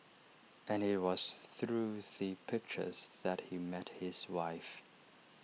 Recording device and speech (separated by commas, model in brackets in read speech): mobile phone (iPhone 6), read sentence